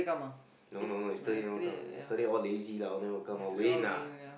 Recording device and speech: boundary microphone, conversation in the same room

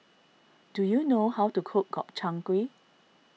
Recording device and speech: mobile phone (iPhone 6), read sentence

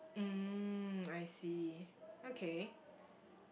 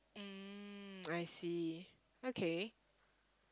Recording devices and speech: boundary microphone, close-talking microphone, conversation in the same room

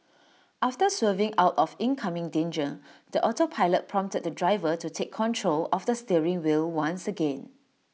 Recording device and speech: mobile phone (iPhone 6), read sentence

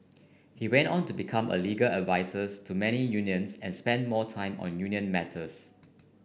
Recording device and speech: boundary microphone (BM630), read sentence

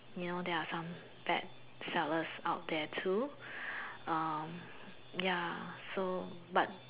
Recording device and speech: telephone, conversation in separate rooms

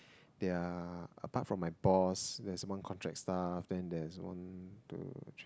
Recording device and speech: close-talking microphone, conversation in the same room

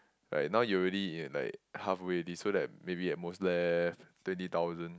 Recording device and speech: close-talking microphone, conversation in the same room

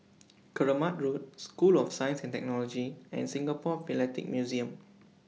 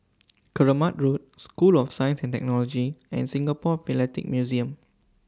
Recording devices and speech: mobile phone (iPhone 6), standing microphone (AKG C214), read sentence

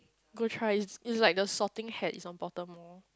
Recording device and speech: close-talking microphone, conversation in the same room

